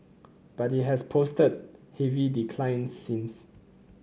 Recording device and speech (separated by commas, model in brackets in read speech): mobile phone (Samsung C9), read sentence